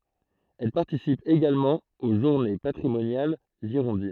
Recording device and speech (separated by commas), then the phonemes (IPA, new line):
throat microphone, read sentence
ɛl paʁtisip eɡalmɑ̃ o ʒuʁne patʁimonjal ʒiʁɔ̃din